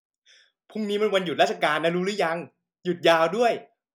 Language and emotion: Thai, happy